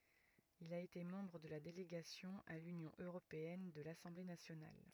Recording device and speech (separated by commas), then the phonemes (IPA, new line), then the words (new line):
rigid in-ear microphone, read sentence
il a ete mɑ̃bʁ də la deleɡasjɔ̃ a lynjɔ̃ øʁopeɛn də lasɑ̃ble nasjonal
Il a été membre de la Délégation à l'Union européenne de l'Assemblée nationale.